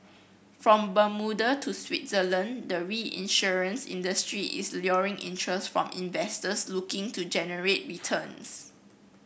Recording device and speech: boundary microphone (BM630), read sentence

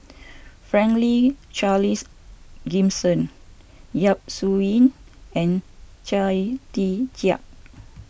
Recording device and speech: boundary microphone (BM630), read sentence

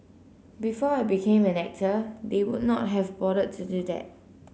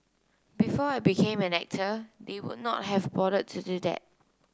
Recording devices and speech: mobile phone (Samsung C9), close-talking microphone (WH30), read sentence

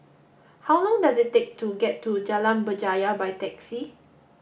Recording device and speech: boundary microphone (BM630), read sentence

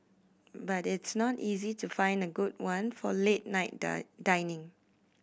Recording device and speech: boundary microphone (BM630), read sentence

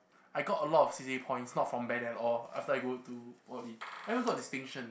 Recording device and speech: boundary microphone, conversation in the same room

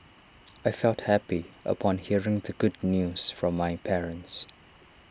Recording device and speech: standing microphone (AKG C214), read sentence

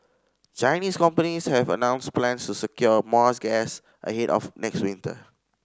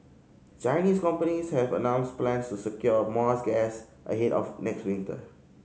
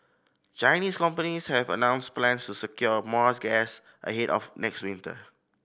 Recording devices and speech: standing microphone (AKG C214), mobile phone (Samsung C5010), boundary microphone (BM630), read sentence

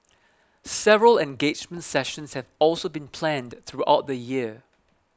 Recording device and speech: close-talking microphone (WH20), read sentence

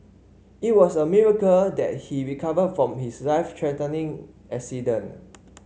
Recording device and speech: mobile phone (Samsung C5), read sentence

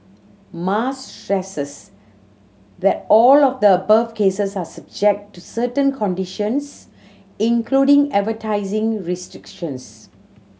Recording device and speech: mobile phone (Samsung C7100), read sentence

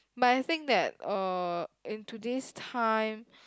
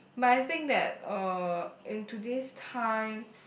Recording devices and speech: close-talking microphone, boundary microphone, conversation in the same room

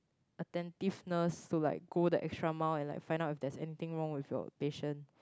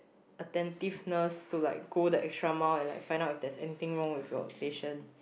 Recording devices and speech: close-talking microphone, boundary microphone, conversation in the same room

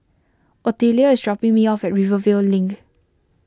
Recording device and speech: close-talking microphone (WH20), read sentence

